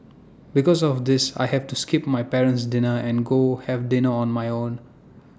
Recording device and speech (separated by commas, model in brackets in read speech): standing microphone (AKG C214), read sentence